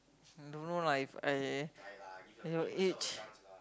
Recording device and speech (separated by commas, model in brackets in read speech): close-talking microphone, conversation in the same room